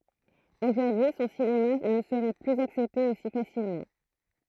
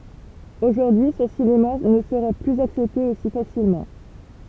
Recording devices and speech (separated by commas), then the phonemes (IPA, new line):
throat microphone, temple vibration pickup, read sentence
oʒuʁdyi sɔ̃ sinema nə səʁɛ plyz aksɛpte osi fasilmɑ̃